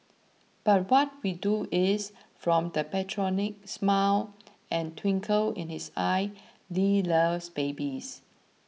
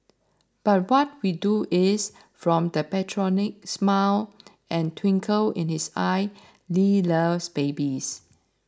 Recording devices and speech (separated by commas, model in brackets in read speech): mobile phone (iPhone 6), standing microphone (AKG C214), read sentence